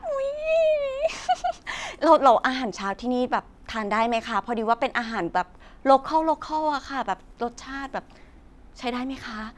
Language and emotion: Thai, happy